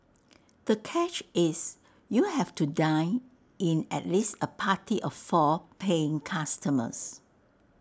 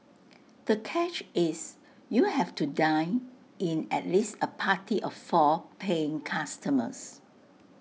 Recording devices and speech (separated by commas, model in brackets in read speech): standing microphone (AKG C214), mobile phone (iPhone 6), read sentence